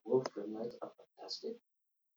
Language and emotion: English, surprised